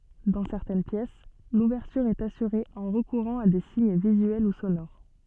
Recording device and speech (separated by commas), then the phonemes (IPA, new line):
soft in-ear microphone, read sentence
dɑ̃ sɛʁtɛn pjɛs luvɛʁtyʁ ɛt asyʁe ɑ̃ ʁəkuʁɑ̃ a de siɲ vizyɛl u sonoʁ